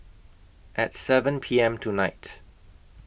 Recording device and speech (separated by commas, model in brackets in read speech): boundary microphone (BM630), read sentence